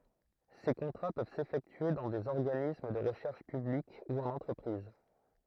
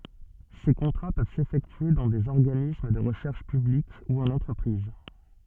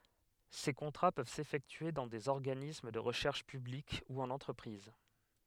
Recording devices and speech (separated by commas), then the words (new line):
throat microphone, soft in-ear microphone, headset microphone, read sentence
Ces contrats peuvent s'effectuer dans des organismes de recherche publique ou en entreprise.